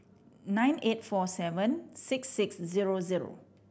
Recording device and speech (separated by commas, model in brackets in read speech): boundary microphone (BM630), read sentence